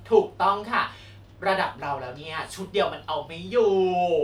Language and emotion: Thai, happy